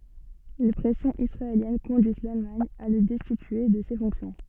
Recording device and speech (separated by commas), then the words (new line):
soft in-ear microphone, read sentence
Les pressions israéliennes conduisent l'Allemagne à le destituer de ses fonctions.